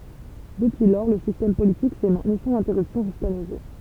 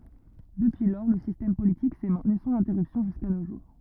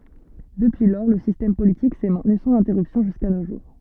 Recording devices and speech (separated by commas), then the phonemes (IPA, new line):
temple vibration pickup, rigid in-ear microphone, soft in-ear microphone, read sentence
dəpyi lɔʁ lə sistɛm politik sɛ mɛ̃tny sɑ̃z ɛ̃tɛʁypsjɔ̃ ʒyska no ʒuʁ